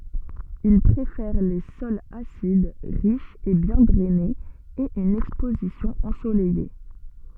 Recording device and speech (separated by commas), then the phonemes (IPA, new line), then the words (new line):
soft in-ear microphone, read sentence
il pʁefɛʁ le sɔlz asid ʁiʃz e bjɛ̃ dʁɛnez e yn ɛkspozisjɔ̃ ɑ̃solɛje
Il préfère les sols acides, riches et bien drainés et une exposition ensoleillée.